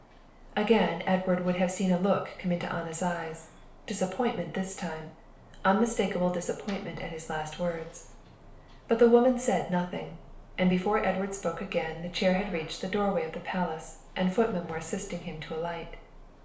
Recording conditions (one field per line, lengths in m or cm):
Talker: one person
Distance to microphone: 1.0 m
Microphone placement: close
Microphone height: 1.1 m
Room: small (3.7 m by 2.7 m)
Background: television